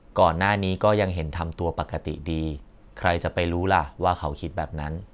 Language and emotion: Thai, neutral